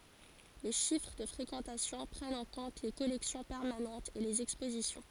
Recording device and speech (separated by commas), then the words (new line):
forehead accelerometer, read sentence
Les chiffres de fréquentation prennent en compte les collections permanentes et les expositions.